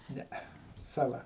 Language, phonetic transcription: Lithuanian, ˈnee saˈla

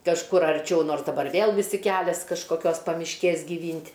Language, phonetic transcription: Lithuanian, kažˈkur arˈčiau ˈnors daˈbar ˈvėl viˈsi ˈkælias kažkoˈkios pamišˈkės gyˈvyn't'

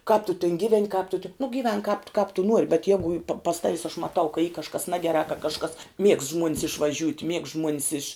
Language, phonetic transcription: Lithuanian, kāp tu tin ˈgyˌven' kāp tu ti nu gyˈvenk kāp t kāp tu ˈnuori bet ˈjegu pa pas ˈtavis aš maˈtau ka y kažˈkas ˈnagerā ka kažˈkas miegst žmuon's išvaˈžiūt' miegst žmuon's iš

